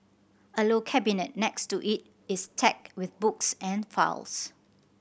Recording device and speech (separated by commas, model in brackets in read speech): boundary microphone (BM630), read sentence